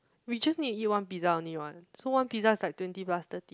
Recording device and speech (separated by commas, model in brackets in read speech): close-talking microphone, conversation in the same room